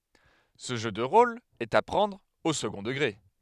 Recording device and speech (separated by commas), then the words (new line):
headset microphone, read sentence
Ce jeu de rôle est à prendre au second degré.